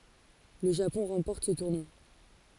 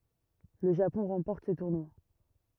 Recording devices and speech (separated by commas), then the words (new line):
forehead accelerometer, rigid in-ear microphone, read sentence
Le Japon remporte ce tournoi.